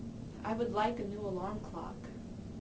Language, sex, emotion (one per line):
English
female
neutral